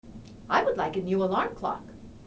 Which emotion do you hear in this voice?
neutral